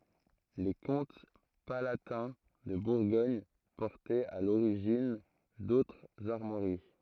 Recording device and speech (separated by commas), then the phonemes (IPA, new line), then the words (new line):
throat microphone, read sentence
le kɔ̃t palatɛ̃ də buʁɡɔɲ pɔʁtɛt a loʁiʒin dotʁz aʁmwaʁi
Les comtes palatins de Bourgogne portaient à l'origine d'autres armoiries.